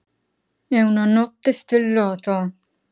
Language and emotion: Italian, angry